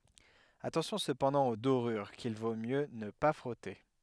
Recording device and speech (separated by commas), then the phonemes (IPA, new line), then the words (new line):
headset microphone, read sentence
atɑ̃sjɔ̃ səpɑ̃dɑ̃ o doʁyʁ kil vo mjø nə pa fʁɔte
Attention cependant aux dorures qu'il vaut mieux ne pas frotter.